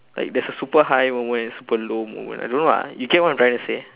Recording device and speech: telephone, conversation in separate rooms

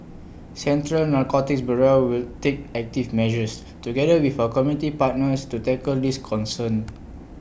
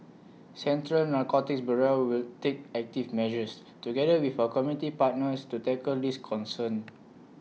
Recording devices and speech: boundary microphone (BM630), mobile phone (iPhone 6), read sentence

